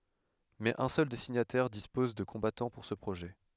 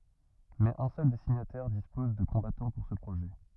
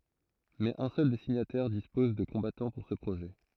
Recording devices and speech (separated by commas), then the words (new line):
headset microphone, rigid in-ear microphone, throat microphone, read sentence
Mais un seul des signataires dispose de combattants pour ce projet.